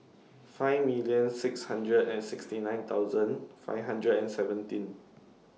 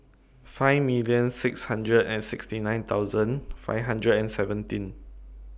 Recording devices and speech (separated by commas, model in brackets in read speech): mobile phone (iPhone 6), boundary microphone (BM630), read sentence